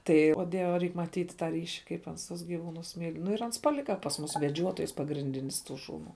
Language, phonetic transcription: Lithuanian, ˈtai o ˈdieve ˈreik maˈtyt tą ˈryši kaip ˈans tus giˈvūnus myl' nu ir ˈans paˈlika pas ˈmus veˈdžiuotojs pagrinˈdinis ˈtų ˈšūˌnų

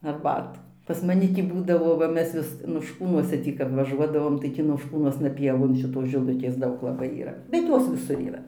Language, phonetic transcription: Lithuanian, arˈbatų pas maˈni ˈtį ˈbūdavo va ˈmes vis nošˈkūnuose ˈtį kap vaˈžuodavom tai tį nošˈkūnuosna ˈpievon šiˈtos žiˈlukės ˈdaug laˈbai yˈra bet ˈjos viˈsur yˈra

